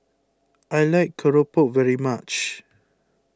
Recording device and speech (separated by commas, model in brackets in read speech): close-talking microphone (WH20), read sentence